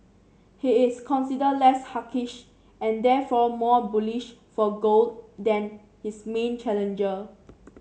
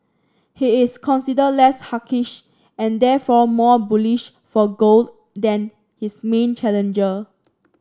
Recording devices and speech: mobile phone (Samsung C7), standing microphone (AKG C214), read sentence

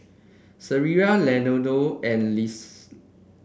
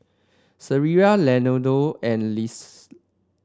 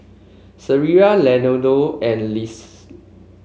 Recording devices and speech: boundary microphone (BM630), standing microphone (AKG C214), mobile phone (Samsung C5), read sentence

